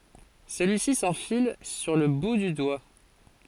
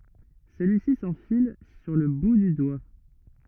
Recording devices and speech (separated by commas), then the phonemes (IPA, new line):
forehead accelerometer, rigid in-ear microphone, read sentence
səlyisi sɑ̃fil syʁ lə bu dy dwa